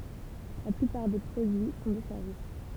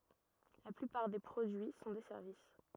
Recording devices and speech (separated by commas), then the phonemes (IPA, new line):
temple vibration pickup, rigid in-ear microphone, read sentence
la plypaʁ de pʁodyi sɔ̃ de sɛʁvis